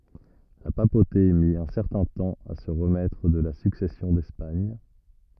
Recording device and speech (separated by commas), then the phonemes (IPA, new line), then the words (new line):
rigid in-ear microphone, read sentence
la papote mi œ̃ sɛʁtɛ̃ tɑ̃ a sə ʁəmɛtʁ də la syksɛsjɔ̃ dɛspaɲ
La papauté mit un certain temps à se remettre de la Succession d'Espagne.